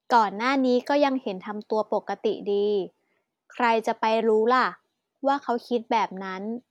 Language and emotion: Thai, neutral